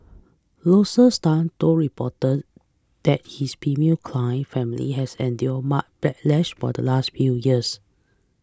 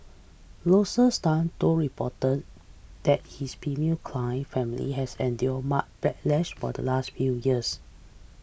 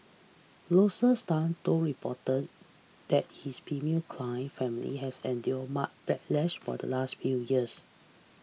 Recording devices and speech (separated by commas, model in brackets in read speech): close-talking microphone (WH20), boundary microphone (BM630), mobile phone (iPhone 6), read sentence